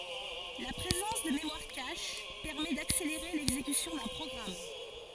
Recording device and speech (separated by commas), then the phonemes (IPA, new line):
forehead accelerometer, read sentence
la pʁezɑ̃s də memwaʁ kaʃ pɛʁmɛ dakseleʁe lɛɡzekysjɔ̃ dœ̃ pʁɔɡʁam